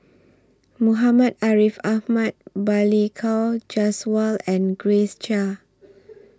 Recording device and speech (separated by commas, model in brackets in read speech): standing microphone (AKG C214), read sentence